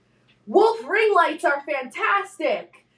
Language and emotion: English, happy